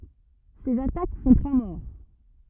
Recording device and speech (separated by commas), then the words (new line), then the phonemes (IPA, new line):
rigid in-ear microphone, read sentence
Ces attaques font trois morts.
sez atak fɔ̃ tʁwa mɔʁ